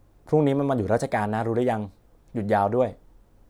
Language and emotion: Thai, neutral